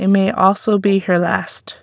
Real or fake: real